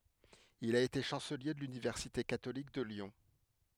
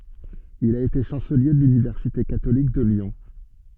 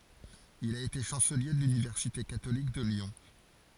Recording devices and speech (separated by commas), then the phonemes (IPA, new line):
headset microphone, soft in-ear microphone, forehead accelerometer, read sentence
il a ete ʃɑ̃səlje də lynivɛʁsite katolik də ljɔ̃